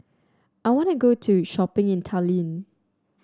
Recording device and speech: standing microphone (AKG C214), read sentence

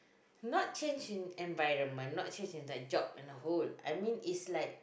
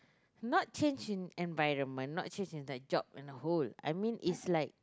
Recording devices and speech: boundary microphone, close-talking microphone, conversation in the same room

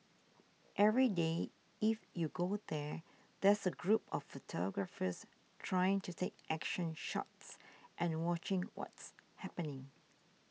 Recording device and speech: mobile phone (iPhone 6), read sentence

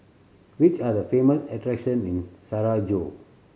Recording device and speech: mobile phone (Samsung C7100), read sentence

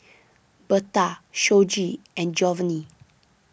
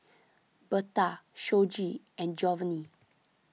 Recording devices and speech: boundary microphone (BM630), mobile phone (iPhone 6), read sentence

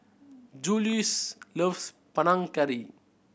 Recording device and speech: boundary microphone (BM630), read sentence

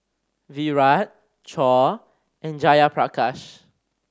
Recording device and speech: standing microphone (AKG C214), read sentence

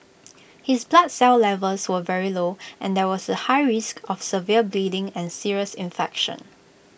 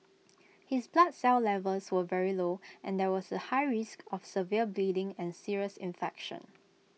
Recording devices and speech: boundary microphone (BM630), mobile phone (iPhone 6), read sentence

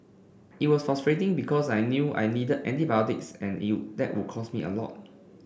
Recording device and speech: boundary microphone (BM630), read sentence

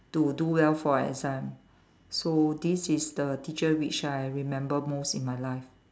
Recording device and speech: standing microphone, conversation in separate rooms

